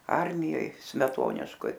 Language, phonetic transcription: Lithuanian, ˈarmijoj smeˈtoniškoj

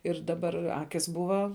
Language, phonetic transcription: Lithuanian, ir daˈbar ˈakis ˈbuva

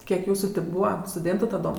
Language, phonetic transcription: Lithuanian, ˈkiek ˈjūsų ˈti ˈbūva stuˈdėntu taˈdom

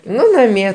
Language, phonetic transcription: Lithuanian, ˈnu naˈmie

